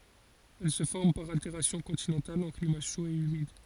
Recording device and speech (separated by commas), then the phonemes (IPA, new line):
forehead accelerometer, read sentence
ɛl sə fɔʁm paʁ alteʁasjɔ̃ kɔ̃tinɑ̃tal ɑ̃ klima ʃo e ymid